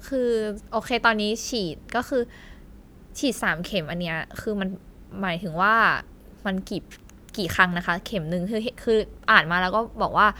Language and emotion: Thai, neutral